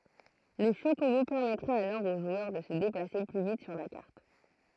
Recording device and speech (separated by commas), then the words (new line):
throat microphone, read sentence
Le chocobo permettra alors au joueur de se déplacer plus vite sur la carte.